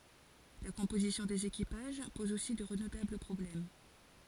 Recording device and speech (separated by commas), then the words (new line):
forehead accelerometer, read sentence
La composition des équipages pose aussi de redoutables problèmes.